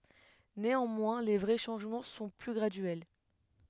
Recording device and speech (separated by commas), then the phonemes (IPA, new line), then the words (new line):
headset microphone, read sentence
neɑ̃mwɛ̃ le vʁɛ ʃɑ̃ʒmɑ̃ sɔ̃ ply ɡʁadyɛl
Néanmoins, les vrais changements sont plus graduels.